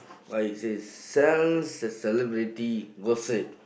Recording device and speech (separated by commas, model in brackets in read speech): boundary microphone, conversation in the same room